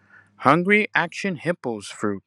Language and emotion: English, neutral